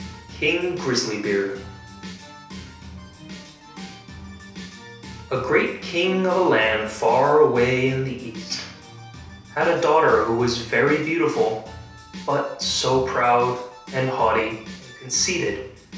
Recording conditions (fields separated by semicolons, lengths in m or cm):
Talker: one person; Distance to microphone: 3.0 m; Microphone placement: far; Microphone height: 1.8 m; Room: small (3.7 m by 2.7 m); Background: music